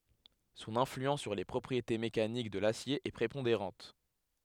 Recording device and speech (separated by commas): headset microphone, read sentence